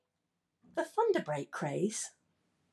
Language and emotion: English, surprised